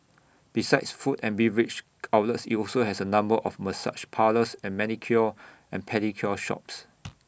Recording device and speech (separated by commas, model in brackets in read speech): boundary microphone (BM630), read sentence